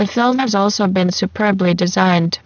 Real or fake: fake